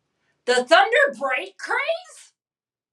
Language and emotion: English, disgusted